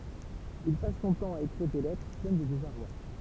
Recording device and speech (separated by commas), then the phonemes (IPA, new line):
temple vibration pickup, read sentence
il pas sɔ̃ tɑ̃ a ekʁiʁ de lɛtʁ plɛn də dezaʁwa